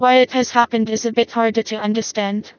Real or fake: fake